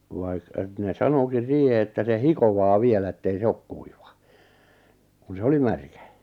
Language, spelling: Finnish, vaikka että ne sanoikin siihen että se hikoaa vielä että ei se ole kuiva kun se oli märkä
- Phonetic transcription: ᵛᵃⁱᵏ etne "sanokin̬ 'siihe että se "hikovaa 'vielä ettei 'se ok kuiva , kun se "oli 'märkä .

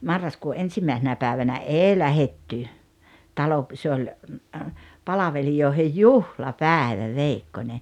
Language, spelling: Finnish, marraskuun ensimmäisenä päivänä ei lähdetty talo se oli palvelijoiden juhlapäivä veikkonen
- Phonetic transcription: 'marraskuu "’ensimä̀esenä päävänä "’èi 'lähetty , 'talo- , se oĺ , 'palavelijòehej "juhla"pääᵉvä 'veikkońe .

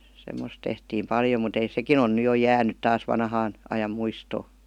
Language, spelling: Finnish, semmoista tehtiin paljon mutta ei sekin on nyt jo jäänyt taas vanhan ajan muistoon
- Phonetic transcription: 'semmos tehtiim 'paljo mut ‿ei "sekin ‿on ny jo "jäänyt "taas 'vanhaan , 'ajam 'muistoo .

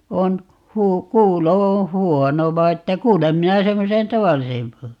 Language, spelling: Finnish, on - kuulo on huono vaan että kuulen minä semmoisen tavallisen -
- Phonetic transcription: 'on , huu- , "kuulo 'oo̰ "huono 'vai että 'kuulem 'minä 'semmosen "tavallisem 'p .

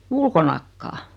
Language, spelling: Finnish, ulkonakaan
- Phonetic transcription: ulkonakkaa .

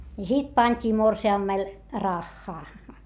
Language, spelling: Finnish, ja sitten pantiin morsiamelle rahaa
- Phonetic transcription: ja sit pańt́ii morsi₍ammel , raχχaa .

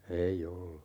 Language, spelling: Finnish, ei ollut
- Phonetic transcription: 'ei 'ollu .

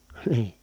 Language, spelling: Finnish, niin
- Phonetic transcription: NI₍II .

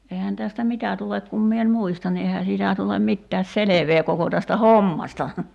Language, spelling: Finnish, eihän tästä mitä tule kun minä en muista niin eihän siitä tule mitään selvää koko tästä hommasta
- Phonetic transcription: 'eihän tästä "mitä tulek kum 'mie en̳§ 'muista ni 'eihä siitä tulem 'mittääs "selevee 'koko tästä "hommasta .

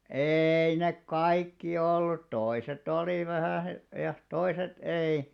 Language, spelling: Finnish, ei ne kaikki ollut toiset oli vähän ja toiset ei
- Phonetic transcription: 'eei nek "kaikki ollut 'toise't ‿olì vähä̀ , ja 'toiset 'ei .

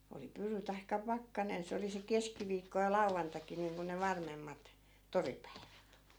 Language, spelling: Finnish, oli pyry tai pakkanen se oli se keskiviikko ja lauantaikin niin kuin ne varmemmat toripäivät
- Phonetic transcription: oli 'pyry taikka 'pakkanen 'se oli se 'keskiviikko ja 'lau̬vvantak̀i niiŋku ne 'varmemmat , "toripäivät .

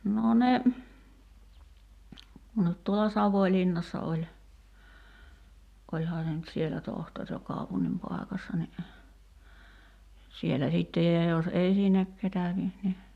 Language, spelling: Finnish, no ne no tuolla Savonlinnassa oli olihan se nyt siellä tohtori ja kaupungin paikassa niin siellä sitten ja jos ei sinne ketä niin niin
- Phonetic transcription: no 'ne , no , tuola 'Savoⁱlinnassa oĺ , 'oĺhaa se nyt "sielä 'tohtor ja 'kàupunnim 'pài̬kassa ni , sielä 'sittej ja jos 'ei "sinnek 'ketä (ni) ni ,.

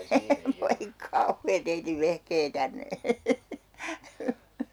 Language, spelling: Finnish, voi kauhea teidän vehkeitänne
- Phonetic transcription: 'voi "kauhee 'teitiv 'vehkeitänne .

